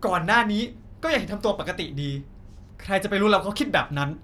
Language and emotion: Thai, angry